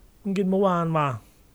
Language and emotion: Thai, neutral